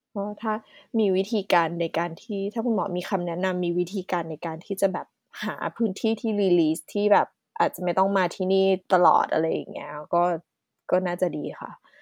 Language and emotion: Thai, neutral